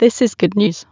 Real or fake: fake